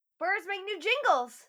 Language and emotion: English, happy